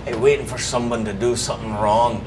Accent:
scottish accent